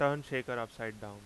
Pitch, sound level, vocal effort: 115 Hz, 91 dB SPL, very loud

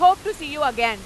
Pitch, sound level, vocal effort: 300 Hz, 106 dB SPL, very loud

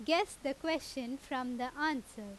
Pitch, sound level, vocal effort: 270 Hz, 89 dB SPL, very loud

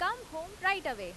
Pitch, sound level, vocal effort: 365 Hz, 96 dB SPL, loud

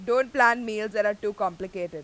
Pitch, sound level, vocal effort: 210 Hz, 97 dB SPL, very loud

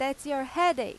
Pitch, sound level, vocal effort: 280 Hz, 95 dB SPL, very loud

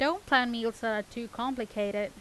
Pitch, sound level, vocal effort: 230 Hz, 89 dB SPL, loud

